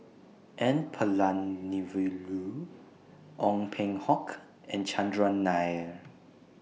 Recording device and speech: mobile phone (iPhone 6), read sentence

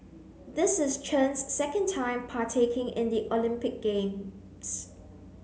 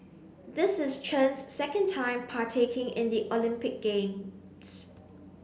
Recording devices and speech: mobile phone (Samsung C9), boundary microphone (BM630), read sentence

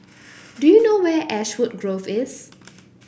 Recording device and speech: boundary microphone (BM630), read sentence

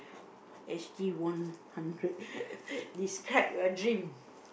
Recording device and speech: boundary microphone, conversation in the same room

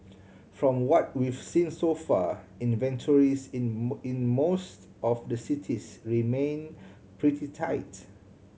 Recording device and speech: mobile phone (Samsung C7100), read sentence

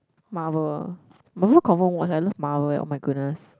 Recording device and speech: close-talking microphone, conversation in the same room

